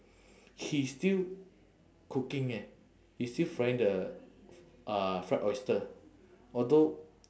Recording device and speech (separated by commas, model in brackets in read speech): standing microphone, conversation in separate rooms